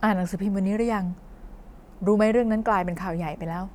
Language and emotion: Thai, neutral